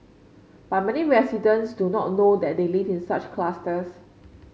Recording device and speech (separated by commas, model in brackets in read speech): mobile phone (Samsung C5), read sentence